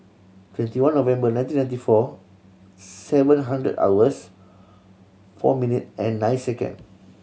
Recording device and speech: mobile phone (Samsung C7100), read sentence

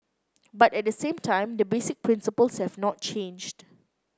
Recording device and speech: close-talking microphone (WH30), read sentence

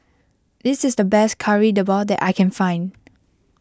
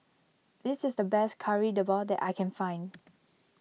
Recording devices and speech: close-talking microphone (WH20), mobile phone (iPhone 6), read sentence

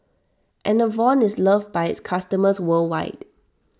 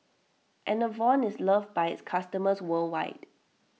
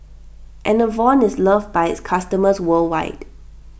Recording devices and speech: standing microphone (AKG C214), mobile phone (iPhone 6), boundary microphone (BM630), read sentence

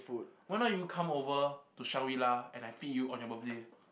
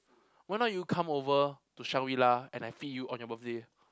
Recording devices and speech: boundary microphone, close-talking microphone, conversation in the same room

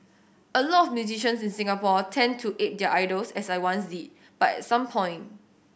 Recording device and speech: boundary microphone (BM630), read sentence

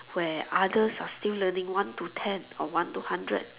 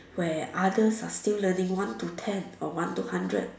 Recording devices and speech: telephone, standing microphone, conversation in separate rooms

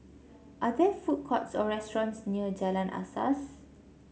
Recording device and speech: mobile phone (Samsung C7), read sentence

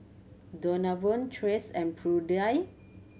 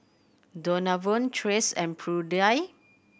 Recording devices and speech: mobile phone (Samsung C7100), boundary microphone (BM630), read sentence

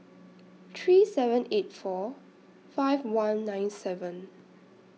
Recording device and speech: mobile phone (iPhone 6), read sentence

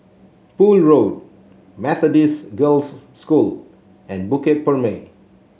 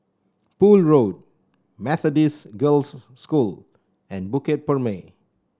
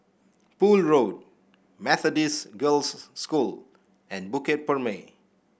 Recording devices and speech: mobile phone (Samsung C7), standing microphone (AKG C214), boundary microphone (BM630), read sentence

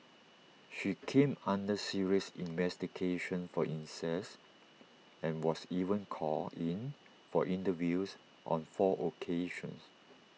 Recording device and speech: mobile phone (iPhone 6), read sentence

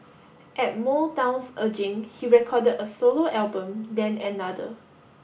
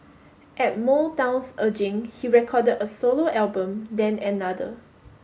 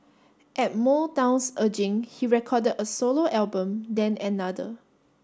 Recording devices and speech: boundary microphone (BM630), mobile phone (Samsung S8), standing microphone (AKG C214), read sentence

